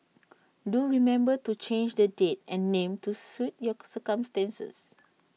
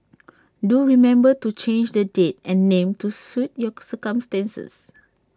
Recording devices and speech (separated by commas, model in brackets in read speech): mobile phone (iPhone 6), standing microphone (AKG C214), read sentence